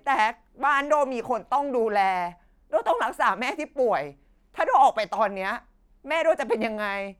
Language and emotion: Thai, sad